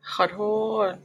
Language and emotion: Thai, sad